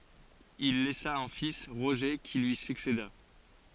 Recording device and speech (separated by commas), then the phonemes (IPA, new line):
forehead accelerometer, read sentence
il lɛsa œ̃ fis ʁoʒe ki lyi sykseda